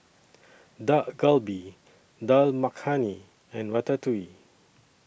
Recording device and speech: boundary microphone (BM630), read sentence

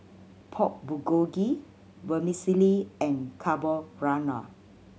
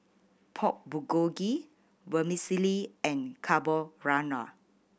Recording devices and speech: mobile phone (Samsung C7100), boundary microphone (BM630), read sentence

